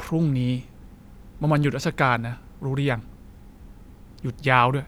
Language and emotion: Thai, frustrated